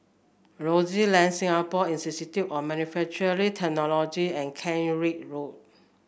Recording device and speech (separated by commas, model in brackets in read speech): boundary microphone (BM630), read sentence